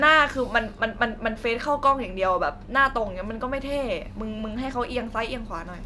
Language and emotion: Thai, frustrated